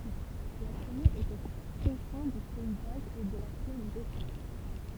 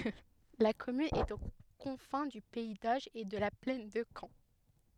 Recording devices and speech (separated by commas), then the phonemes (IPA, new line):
temple vibration pickup, headset microphone, read sentence
la kɔmyn ɛt o kɔ̃fɛ̃ dy pɛi doʒ e də la plɛn də kɑ̃